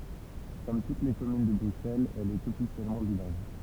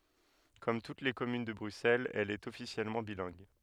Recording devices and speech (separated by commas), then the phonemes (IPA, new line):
temple vibration pickup, headset microphone, read sentence
kɔm tut le kɔmyn də bʁyksɛlz ɛl ɛt ɔfisjɛlmɑ̃ bilɛ̃ɡ